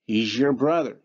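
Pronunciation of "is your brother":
In 'is your', the z at the end of 'is' becomes a zh sound before 'your'.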